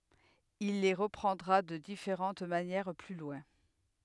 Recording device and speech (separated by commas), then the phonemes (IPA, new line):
headset microphone, read sentence
il le ʁəpʁɑ̃dʁa də difeʁɑ̃t manjɛʁ ply lwɛ̃